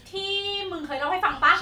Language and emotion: Thai, happy